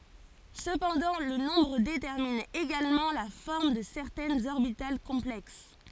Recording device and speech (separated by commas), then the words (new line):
forehead accelerometer, read sentence
Cependant, le nombre détermine également la forme de certaines orbitales complexes.